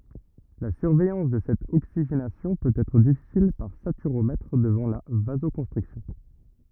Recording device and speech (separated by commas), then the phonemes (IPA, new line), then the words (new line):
rigid in-ear microphone, read sentence
la syʁvɛjɑ̃s də sɛt oksiʒenasjɔ̃ pøt ɛtʁ difisil paʁ satyʁomɛtʁ dəvɑ̃ la vazokɔ̃stʁiksjɔ̃
La surveillance de cette oxygénation peut être difficile par saturomètre devant la vasoconstriction.